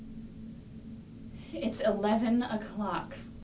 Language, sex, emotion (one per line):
English
female
disgusted